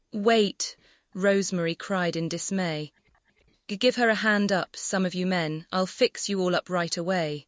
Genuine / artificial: artificial